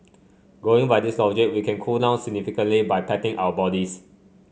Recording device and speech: mobile phone (Samsung C5), read sentence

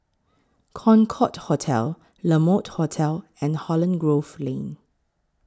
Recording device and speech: close-talking microphone (WH20), read sentence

